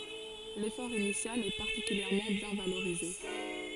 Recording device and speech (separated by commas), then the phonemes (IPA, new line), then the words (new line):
forehead accelerometer, read sentence
lefɔʁ inisjal ɛ paʁtikyljɛʁmɑ̃ bjɛ̃ valoʁize
L'effort initial est particulièrement bien valorisé.